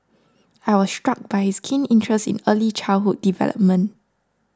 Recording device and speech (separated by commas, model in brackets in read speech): standing microphone (AKG C214), read sentence